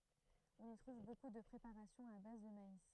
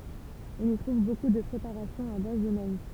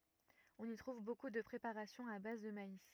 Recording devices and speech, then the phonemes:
throat microphone, temple vibration pickup, rigid in-ear microphone, read sentence
ɔ̃n i tʁuv boku də pʁepaʁasjɔ̃z a baz də mais

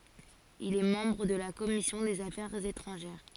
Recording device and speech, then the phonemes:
forehead accelerometer, read sentence
il ɛ mɑ̃bʁ də la kɔmisjɔ̃ dez afɛʁz etʁɑ̃ʒɛʁ

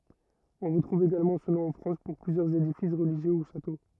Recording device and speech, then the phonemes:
rigid in-ear microphone, read sentence
ɔ̃ ʁətʁuv eɡalmɑ̃ sə nɔ̃ ɑ̃ fʁɑ̃s puʁ plyzjœʁz edifis ʁəliʒjø u ʃato

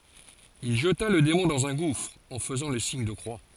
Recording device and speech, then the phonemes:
forehead accelerometer, read sentence
il ʒəta lə demɔ̃ dɑ̃z œ̃ ɡufʁ ɑ̃ fəzɑ̃ lə siɲ də kʁwa

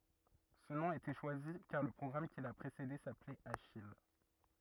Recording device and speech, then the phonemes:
rigid in-ear microphone, read sentence
sə nɔ̃ a ete ʃwazi kaʁ lə pʁɔɡʁam ki la pʁesede saplɛt aʃij

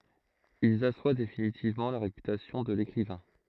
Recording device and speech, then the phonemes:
throat microphone, read sentence
ilz aswa definitivmɑ̃ la ʁepytasjɔ̃ də lekʁivɛ̃

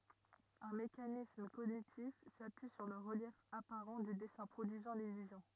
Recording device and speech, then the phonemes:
rigid in-ear microphone, read sentence
œ̃ mekanism koɲitif sapyi syʁ lə ʁəljɛf apaʁɑ̃ dy dɛsɛ̃ pʁodyizɑ̃ lilyzjɔ̃

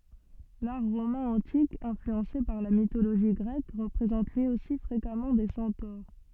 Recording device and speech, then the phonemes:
soft in-ear microphone, read sentence
laʁ ʁomɛ̃ ɑ̃tik ɛ̃flyɑ̃se paʁ la mitoloʒi ɡʁɛk ʁəpʁezɑ̃t lyi osi fʁekamɑ̃ de sɑ̃toʁ

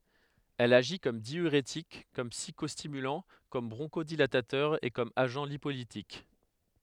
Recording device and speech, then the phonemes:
headset microphone, read sentence
ɛl aʒi kɔm djyʁetik kɔm psikɔstimylɑ̃ kɔm bʁɔ̃ʃodilatatœʁ e kɔm aʒɑ̃ lipolitik

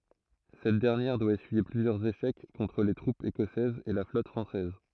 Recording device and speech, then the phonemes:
throat microphone, read sentence
sɛt dɛʁnjɛʁ dwa esyije plyzjœʁz eʃɛk kɔ̃tʁ le tʁupz ekɔsɛzz e la flɔt fʁɑ̃sɛz

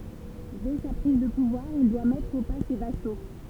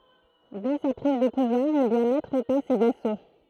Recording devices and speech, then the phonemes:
temple vibration pickup, throat microphone, read sentence
dɛ sa pʁiz də puvwaʁ il dwa mɛtʁ o pa se vaso

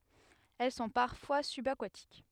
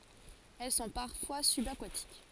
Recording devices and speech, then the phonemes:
headset microphone, forehead accelerometer, read sentence
ɛl sɔ̃ paʁfwa sybakatik

